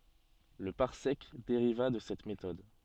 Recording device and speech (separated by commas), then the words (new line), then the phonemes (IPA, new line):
soft in-ear microphone, read sentence
Le parsec dériva de cette méthode.
lə paʁsɛk deʁiva də sɛt metɔd